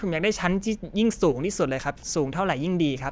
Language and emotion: Thai, neutral